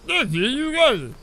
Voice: Strange voice